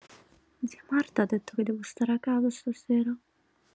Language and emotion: Italian, sad